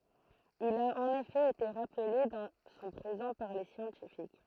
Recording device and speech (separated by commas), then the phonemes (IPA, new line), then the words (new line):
throat microphone, read sentence
il a ɑ̃n efɛ ete ʁaple dɑ̃ sɔ̃ pʁezɑ̃ paʁ le sjɑ̃tifik
Il a en effet été rappelé dans son présent par les scientifiques.